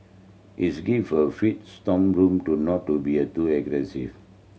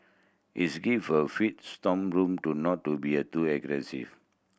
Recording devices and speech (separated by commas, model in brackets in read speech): mobile phone (Samsung C7100), boundary microphone (BM630), read sentence